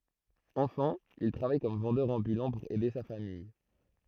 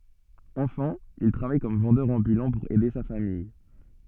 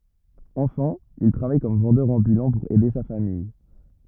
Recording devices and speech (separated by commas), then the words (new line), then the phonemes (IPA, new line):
throat microphone, soft in-ear microphone, rigid in-ear microphone, read sentence
Enfant, il travaille comme vendeur ambulant pour aider sa famille.
ɑ̃fɑ̃ il tʁavaj kɔm vɑ̃dœʁ ɑ̃bylɑ̃ puʁ ɛde sa famij